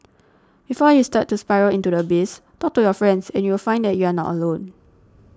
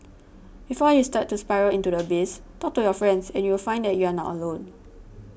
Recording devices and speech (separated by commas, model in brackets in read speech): standing microphone (AKG C214), boundary microphone (BM630), read sentence